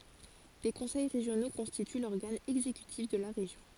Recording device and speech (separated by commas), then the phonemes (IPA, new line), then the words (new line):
forehead accelerometer, read sentence
de kɔ̃sɛj ʁeʒjono kɔ̃stity lɔʁɡan ɛɡzekytif də la ʁeʒjɔ̃
Des conseils régionaux constituent l'organe exécutif de la région.